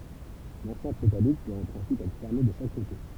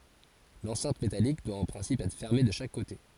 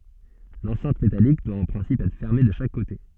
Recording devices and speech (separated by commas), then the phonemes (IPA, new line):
temple vibration pickup, forehead accelerometer, soft in-ear microphone, read sentence
lɑ̃sɛ̃t metalik dwa ɑ̃ pʁɛ̃sip ɛtʁ fɛʁme də ʃak kote